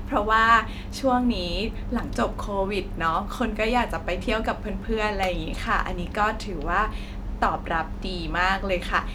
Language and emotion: Thai, happy